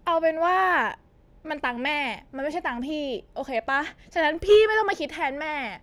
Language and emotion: Thai, frustrated